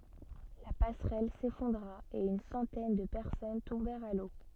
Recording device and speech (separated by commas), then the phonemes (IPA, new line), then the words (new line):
soft in-ear microphone, read sentence
la pasʁɛl sefɔ̃dʁa e yn sɑ̃tɛn də pɛʁsɔn tɔ̃bɛʁt a lo
La passerelle s'effondra et une centaine de personnes tombèrent à l'eau.